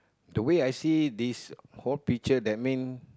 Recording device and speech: close-talking microphone, conversation in the same room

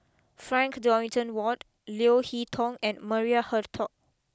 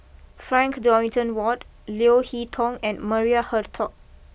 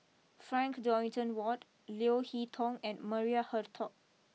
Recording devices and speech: close-talking microphone (WH20), boundary microphone (BM630), mobile phone (iPhone 6), read sentence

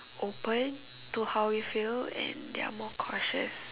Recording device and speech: telephone, conversation in separate rooms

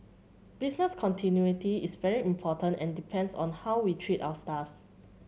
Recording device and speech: mobile phone (Samsung C7100), read sentence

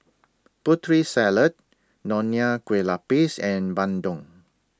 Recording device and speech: standing microphone (AKG C214), read sentence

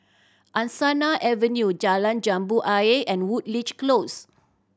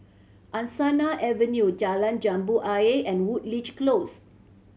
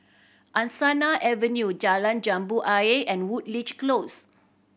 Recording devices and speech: standing microphone (AKG C214), mobile phone (Samsung C7100), boundary microphone (BM630), read sentence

